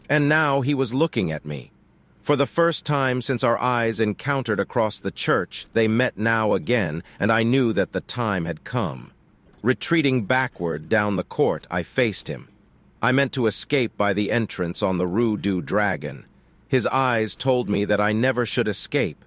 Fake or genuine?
fake